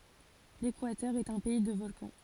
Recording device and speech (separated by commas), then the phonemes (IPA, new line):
forehead accelerometer, read sentence
lekwatœʁ ɛt œ̃ pɛi də vɔlkɑ̃